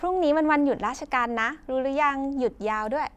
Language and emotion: Thai, happy